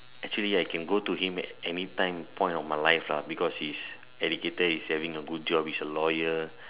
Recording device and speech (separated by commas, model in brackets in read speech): telephone, conversation in separate rooms